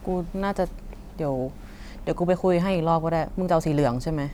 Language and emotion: Thai, frustrated